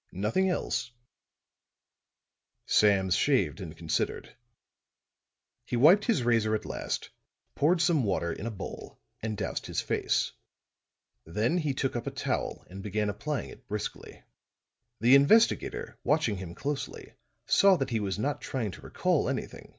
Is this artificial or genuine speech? genuine